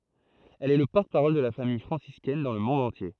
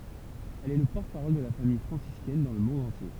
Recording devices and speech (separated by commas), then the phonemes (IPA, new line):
throat microphone, temple vibration pickup, read sentence
ɛl ɛ lə pɔʁtəpaʁɔl də la famij fʁɑ̃siskɛn dɑ̃ lə mɔ̃d ɑ̃tje